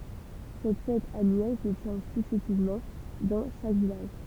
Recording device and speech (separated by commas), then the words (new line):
temple vibration pickup, read sentence
Cette fête annuelle se tient successivement dans chaque village.